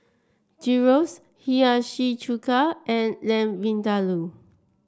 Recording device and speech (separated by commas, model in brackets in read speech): standing microphone (AKG C214), read sentence